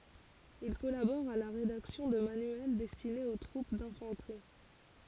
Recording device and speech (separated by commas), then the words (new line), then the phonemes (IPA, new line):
forehead accelerometer, read sentence
Il collabore à la rédaction de manuels destinés aux troupes d'infanterie.
il kɔlabɔʁ a la ʁedaksjɔ̃ də manyɛl dɛstinez o tʁup dɛ̃fɑ̃tʁi